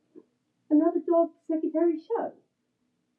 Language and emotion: English, surprised